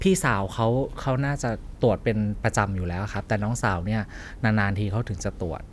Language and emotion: Thai, neutral